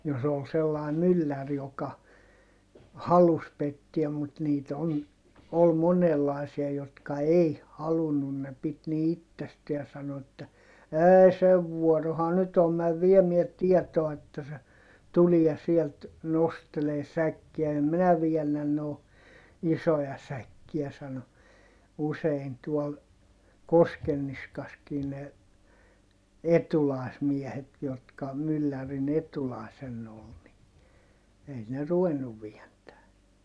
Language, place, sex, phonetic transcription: Finnish, Heinola, male, jos ‿ol sellài myllär joka , halus pettiäm mut niit ‿on- , ol monellài̮sia jotka ei , halunnun ne pit ni ittesteä sano että , » ɛɛi sev vuɔroha nyt ‿om mäv viemiɛ tiɛtoa että se , tuliɛ sielt , nostelee säkkiä - em minä viɛnnän noo , isoja säkkiä » sano , usein tuol , Koskenniskaskii ne , etulài̮smiɛhet jotka , myllärin ‿etulài̮senn ‿ol ni , ei ne ruvennuv vientää .
- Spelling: jos oli sellainen mylläri joka halusi pettää mutta niitä - oli monenlaisia jotka ei halunnut ne piti niin itsestään sanoi että ei sen vuorohan nyt on mene viemään tietoa että se tulee sieltä nostelemaan säkkiä en minä väännä noin isoja säkkiä sanoi usein tuolla Koskenniskassakin ne etulaismiehet jotka myllärin etulaisena oli niin ei ne ruvennut vääntämään

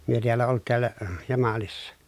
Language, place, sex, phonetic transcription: Finnish, Pielisjärvi, male, myö tiällä olt tiällä , Jamalissa .
- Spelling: me täällä oltiin täällä Jamalissa

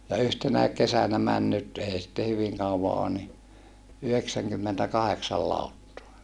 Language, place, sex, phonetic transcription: Finnish, Saarijärvi, male, ja yhtenäik kesänä män nyt èi sitte hyviŋ kauva oon ni , yhdeksäŋkymmentäkaheksal làuttoa .
- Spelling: ja yhtenäkin kesänä meni nyt ei sitten hyvin kauan ole niin yhdeksänkymmentäkahdeksan lauttaa

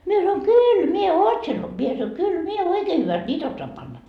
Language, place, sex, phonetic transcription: Finnish, Markkova, female, mie sanoi » 'kyyl mie "ootsen » , mie sanoi » 'kyl mie "oikee hyväst "ńiit ‿ossoam panna » .
- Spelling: minä sanoin kyllä minä ootsen minä sanoin kyllä minä oikein hyvästi niitä osaan panna

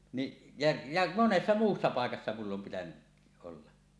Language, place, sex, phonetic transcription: Finnish, Suomussalmi, male, niˀ , ja , ja 'monessa 'muussa 'pàekassa mull ‿om pitänyˀ ˀolla .
- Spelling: niin ja ja monessa muussa paikassa minulla on pitänyt olla

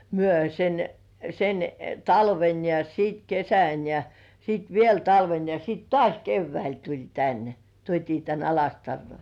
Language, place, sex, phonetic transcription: Finnish, Kurkijoki, female, myö sen , sen , "talven ja 'siit "kesän ja , 'siit "viel 'talven ja siit- "tŏàś 'kevväil tuĺ "tän , 'tuot́ii tän "Alastarroi .
- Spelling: me sen sen talven ja sitten kesän ja sitten vielä talven ja - taas keväällä tuli tänne tuotiin tänne Alastaroon

